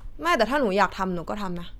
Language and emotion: Thai, frustrated